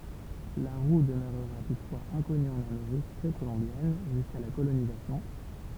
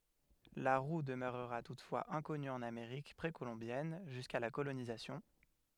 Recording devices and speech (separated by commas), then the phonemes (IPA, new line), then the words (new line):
temple vibration pickup, headset microphone, read sentence
la ʁu dəmøʁʁa tutfwaz ɛ̃kɔny ɑ̃n ameʁik pʁekolɔ̃bjɛn ʒyska la kolonizasjɔ̃
La roue demeurera toutefois inconnue en Amérique précolombienne, jusqu'à la colonisation.